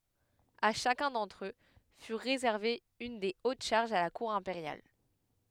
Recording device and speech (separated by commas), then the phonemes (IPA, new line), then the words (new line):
headset microphone, read sentence
a ʃakœ̃ dɑ̃tʁ ø fy ʁezɛʁve yn de ot ʃaʁʒz a la kuʁ ɛ̃peʁjal
À chacun d'entre eux fut réservée une des hautes charges à la cour impériale.